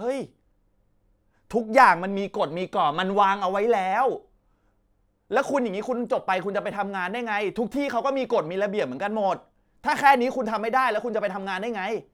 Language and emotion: Thai, angry